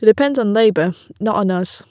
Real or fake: real